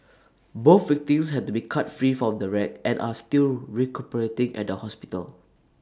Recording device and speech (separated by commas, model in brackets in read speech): standing microphone (AKG C214), read sentence